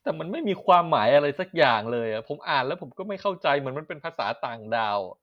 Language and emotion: Thai, frustrated